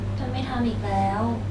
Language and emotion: Thai, sad